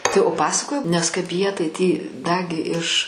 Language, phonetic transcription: Lithuanian, tai o ˈpasakojau ˈnes kaip ˈjie tai tį ˈdagi iš

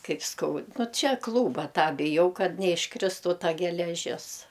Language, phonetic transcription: Lithuanian, ˈkaip ˈskaud ˈnu ˈčia ˈklūba ˈtą biˈjau ˈkad neišˈkristų ˈta geleˈžis

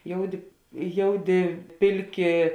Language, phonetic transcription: Lithuanian, ˈjouˌdi ˈjouˌdi ˈpilˌki

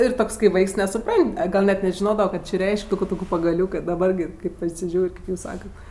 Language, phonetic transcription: Lithuanian, ir ˈtoks kai ˈvaiks nesuˈpran't' a ˈgal' net nežiˈnodavɜ ˈko či ˈreišk' ˈtūku ˈtūku pagaˈliūkɜ daˈbar gi ˈkaip pasiˈžiūr' kėp ˈjūs ˈsakat

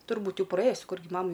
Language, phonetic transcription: Lithuanian, turˈbūt ˈjau praˈėjus ˈkurgi ˈmamai

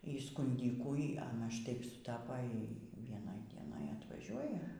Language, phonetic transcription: Lithuanian, y skunˈdykų y ˈana šˈtaip suˈtapa ˈy y vieˈnoj dieˈnoj atvaˈžiuoja

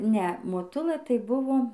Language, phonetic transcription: Lithuanian, ˈne moˈtulɘ tai ˈbuvo

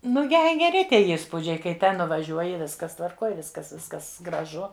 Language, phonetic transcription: Lithuanian, ˈnu ˈjai geˈri ˈtie įsˈpūdžiai kai ˈten nuvaˈžiuoji ˈviskas tvarˈkoj ˈviskas ˈviskas graˈžu

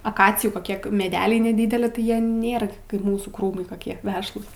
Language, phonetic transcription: Lithuanian, aˈkacijų koˈkie meˈdeliai neˈdydeli tai ˈjie ˈnėra kaip ˈmūsų ˈkrūmai koˈkie ˈvešlūs

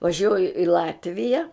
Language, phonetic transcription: Lithuanian, vaˈžiuoju i ˈlatvija

